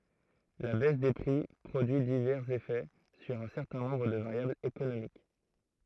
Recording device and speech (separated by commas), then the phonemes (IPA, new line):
throat microphone, read sentence
la bɛs de pʁi pʁodyi divɛʁz efɛ syʁ œ̃ sɛʁtɛ̃ nɔ̃bʁ də vaʁjablz ekonomik